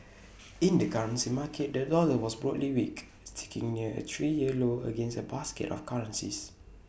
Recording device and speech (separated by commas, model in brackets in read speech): boundary microphone (BM630), read sentence